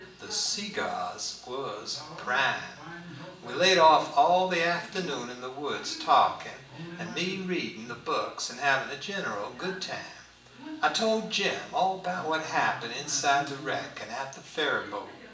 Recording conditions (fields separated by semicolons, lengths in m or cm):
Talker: one person; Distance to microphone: 1.8 m; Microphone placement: close; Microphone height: 1.0 m; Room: large; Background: television